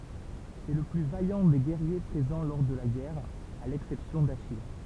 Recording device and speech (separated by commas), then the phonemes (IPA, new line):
temple vibration pickup, read sentence
sɛ lə ply vajɑ̃ de ɡɛʁje pʁezɑ̃ lɔʁ də la ɡɛʁ a lɛksɛpsjɔ̃ daʃij